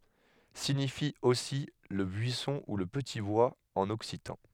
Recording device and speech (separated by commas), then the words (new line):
headset microphone, read sentence
Signifie aussi le buisson ou le petit bois en occitan.